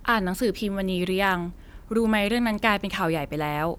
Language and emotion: Thai, neutral